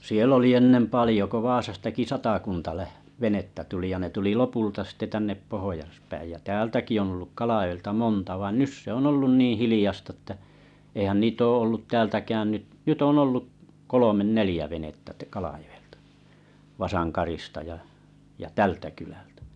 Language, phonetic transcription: Finnish, 'siel ‿oli 'ennem 'palⁱjo ko "Vaasastaki satakunta läh- 'venettä 'tuli ja ne tuli 'lopulta sⁱtte tännep 'pohojaspäij jä 'täältäki on̬ ‿ᵒlluk 'Kalajo₍elta "monta vain 'nys se ‿on 'ollun 'niiⁱ̰ 'hilⁱljast ‿ᵉttä , eihän 'niit ‿oo ollut 'täältäkään 'nyt , 'nyt on 'ollu’ , 'kolomen "nelⁱjä venettä ʿᵗᵃ̈ʾ Kalajo₍elta 'Vasankarista ja ja "tältä kylältᴀ̈ .
- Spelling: siellä oli ennen paljon kun Vaasastakin satakunta - venettä tuli ja ne tuli lopulta sitten tänne pohjaspäin ja täältäkin on ollut Kalajoelta monta vaan nyt se on ollut niin hiljaista että eihän niitä ole ollut täältäkään nyt nyt on ollut kolme neljä venettä - Kalajoelta Vasankarista ja ja tältä kylältä

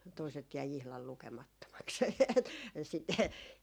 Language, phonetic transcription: Finnish, toiset jäi ihlal 'lukemattomaks e- , et sitte ,.
- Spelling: toiset jäi ihan lukemattomaksi - että sitten

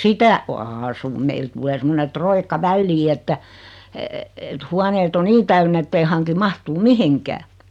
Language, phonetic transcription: Finnish, 'sitä , "aasum 'meil tul̀ee 'semmone 'troikka "vällii että , et 'huaneet ‿o "nii täynn ‿ettei 'haŋki "mahtuu "mihiŋkää .
- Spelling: sitä asun meille tulee semmoinen roikka väliin että että huoneet on niin täynnä että ei hanki mahtua mihinkään

